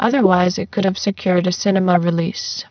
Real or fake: fake